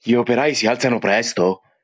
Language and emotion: Italian, surprised